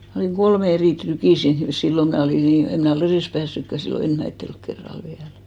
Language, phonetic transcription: Finnish, ma̳§ olìŋ "ɢolmᵉ 'erì 'trykì siin , 'sillo mä olì 'nii , 'em mnä̀ ollu 'erès 'päässykkä 'sillo "enhmäitttelk kerral 'viäl .
- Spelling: minä olin kolme eri trykiä siinä silloin minä olin niin en minä ollut edes päässytkään silloin ensimmäisellä kerralla vielä

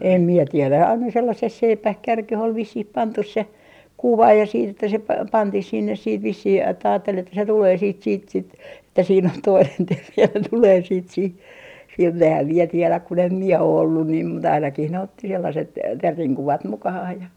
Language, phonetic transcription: Finnish, "em mie 'tielä 'aina 'sellases "seipäh "kärkeh ol 'vissih "pantus se , "kuva ja siit ‿että se pa - 'pantih sinnes siit vissih että aattel ‿että se tulee siit siit sit , että siin ‿on "toinen "terri ja ne 'tulee siit sih , sinne 'ehäm mie tielä kun ‿em "mie o 'ollun niim mut ainakih ne otti 'sellaset , 'terriŋ 'kuvat 'mukahah ja ,.
- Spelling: en minä tiedä aina sellaiseen seipään kärkeen oli vissiin pantu se kuva ja sitten että se - pantiin sinne sitten vissiin että ajatteli että se tulee sitten sitten sitten että siinä on toinen teeri ja ne tulee sitten siihen sinne enhän minä tiedä kun en minä ole ollut niin mutta ainakin ne otti sellaiset teeren kuvat mukaansa ja

